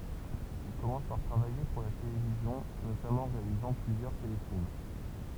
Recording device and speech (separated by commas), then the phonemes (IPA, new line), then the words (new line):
temple vibration pickup, read sentence
il kɔmɑ̃s paʁ tʁavaje puʁ la televizjɔ̃ notamɑ̃ ɑ̃ ʁealizɑ̃ plyzjœʁ telefilm
Il commence par travailler pour la télévision, notamment en réalisant plusieurs téléfilms.